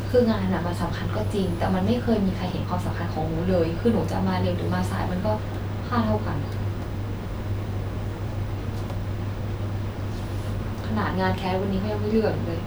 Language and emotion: Thai, frustrated